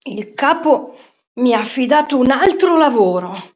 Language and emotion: Italian, angry